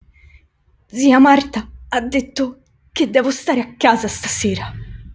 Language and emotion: Italian, fearful